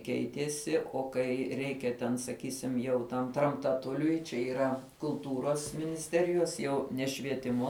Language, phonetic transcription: Lithuanian, ˈkeitiesi o ˈkai ˈreikia ten saˈkysim jau tam tramtaˈtuliui čia yˈra kulˈtūros ˈministerijos ˈjau ne švieˈtimo

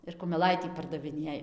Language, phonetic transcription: Lithuanian, ir kumeˈlaitį pardaviˈnėj

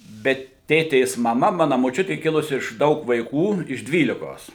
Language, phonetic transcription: Lithuanian, bet ˈtėtės maˈma ˈmana moˈčiuti ˈkilusi iš ˈdaug vaiˈkų iš ˈdvylikos

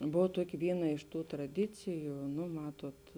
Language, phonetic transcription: Lithuanian, ˈbov ˈtuoki ˈvyˌna iš ˈtų traˈdiciju nu ˈmatot

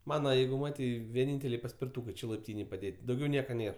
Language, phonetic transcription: Lithuanian, ˈmana ˈjeigu ˈmatei vieˈnynteliai paspirtūkɜ ˈčia laipˈtynėj paˈdėt' dauˈgiau ˈnėr

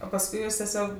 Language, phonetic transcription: Lithuanian, o pasˈkui ˈjūs teˈsiog

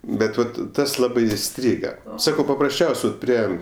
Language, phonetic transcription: Lithuanian, ˈbet ˈvat ˈtas ˈlabai iˈstryga ˈsakau paprasˈčiaus' vat ˈprie

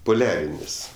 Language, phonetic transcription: Lithuanian, poˈliarinis

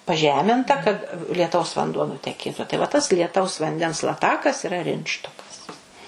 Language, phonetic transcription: Lithuanian, paˈžeminta kad lieˈtaus vanˈduo nuteˈkėtu tai va tas lieˈtaus vanˈdens laˈtakas yˈra ˈrintštokas

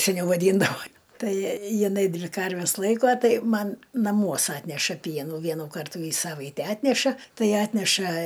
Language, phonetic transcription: Lithuanian, seˈniau vaˈdyndavo ˈtai jiˈnai ˈdvi ˈkarves ˈlaikuo ˈtai ˈman naˈmuos ˈatneša ˈpienų ˈvienų ˈkartų į ˈsavaite ˈatneša ˈtai ˈatneša

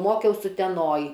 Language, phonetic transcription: Lithuanian, ˈmokiaus uteˈnoj

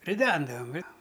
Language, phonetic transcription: Lithuanian, riˈdendavam ˈjo

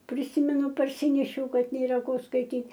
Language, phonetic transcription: Lithuanian, priˈsymenu parˈsinešiau ˈkad nėˈra ˈko skaiˈtyt'

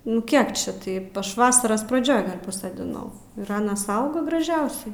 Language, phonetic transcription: Lithuanian, nu ˈkiek čia ˈtaip ˈaš ˈvasaras praˈdžioj ˈgal' pasodiˈnau ir ˈanas ˈauga graˈžiausiai

